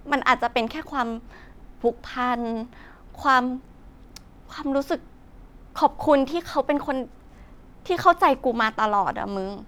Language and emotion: Thai, frustrated